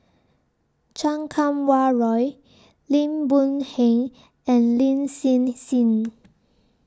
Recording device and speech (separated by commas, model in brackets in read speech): standing microphone (AKG C214), read sentence